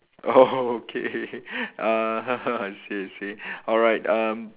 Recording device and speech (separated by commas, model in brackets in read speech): telephone, conversation in separate rooms